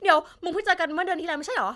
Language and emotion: Thai, happy